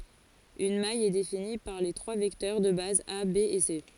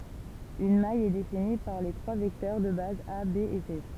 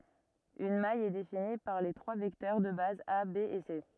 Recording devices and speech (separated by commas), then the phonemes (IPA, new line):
forehead accelerometer, temple vibration pickup, rigid in-ear microphone, read sentence
yn maj ɛ defini paʁ le tʁwa vɛktœʁ də baz a be e se